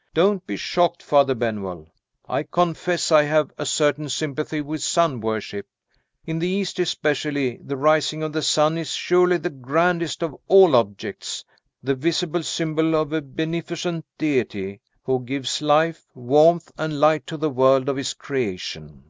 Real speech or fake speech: real